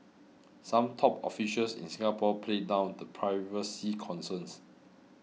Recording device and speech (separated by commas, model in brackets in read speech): mobile phone (iPhone 6), read sentence